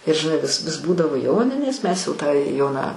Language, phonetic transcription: Lithuanian, ir žiˈnai vis vis ˈbūdavo ˈjoninės mes jau tą ˈjoną

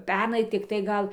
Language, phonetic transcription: Lithuanian, ˈpernai tikˈtai ˈgal

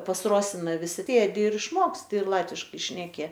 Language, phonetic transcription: Lithuanian, pas ˈrosina viˈsi ˈsėdi ir išˈmoksti ir ˈlatviškai šneˈki

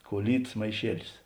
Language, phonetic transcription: Lithuanian, kuoˈlytas maiˈšielis

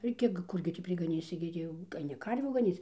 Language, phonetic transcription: Lithuanian, ir ˈkiek ˈkurgi tį prigaˈnysi gi ˈtį jau aiˈni ˈkarvių gaˈnyc

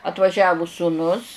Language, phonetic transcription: Lithuanian, atvaˈžiavu sūˈnus

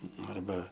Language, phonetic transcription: Lithuanian, ˈnu arˈba

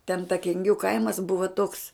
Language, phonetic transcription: Lithuanian, ten ta kenˈgių ˈkaimas ˈbuva toks

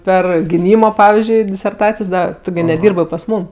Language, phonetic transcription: Lithuanian, ˈper giˈnymo ˈpavizdžiui diserˈtacijos ˈda ˈtu gi neˈdyrbɜ pas ˈmūm

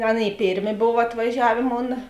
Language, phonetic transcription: Lithuanian, ˈaˌnėi ˈpėrˌmė ˈbov atvaˈžiavė ˈmona

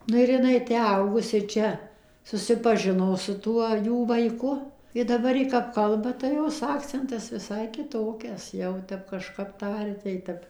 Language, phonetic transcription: Lithuanian, ˈnu ir jiˈnai ˈtę ˈaugus ir ˈčia susipaˈžino su ˈtuo ˈjų vaiˈku i daˈbar ˈji kap ˈkalba tai ˈjos ˈakcentas viˈsai kiˈtokias ˈjau ˈtep kažˈkap ˈtaria tai ˈtep

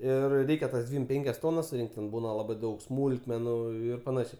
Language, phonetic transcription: Lithuanian, ir ˈreikia tas ˈdvym ˈpenkias ˈtonas suˈrinkt ten ˈbūna ˈlabai ˈdaug ˈsmūlkmenu ˈir paˈnašiai

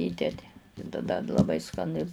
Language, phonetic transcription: Lithuanian, ˈįdedi i taˈda d laˈbai skaˈni

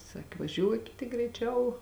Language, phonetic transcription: Lithuanian, ˈsaki vaˈžiuokit tik greiˈčiau

